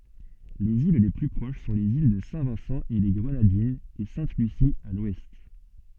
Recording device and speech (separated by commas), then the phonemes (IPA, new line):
soft in-ear microphone, read sentence
lez il le ply pʁoʃ sɔ̃ lez il də sɛ̃vɛ̃sɑ̃eleɡʁənadinz e sɛ̃tlysi a lwɛst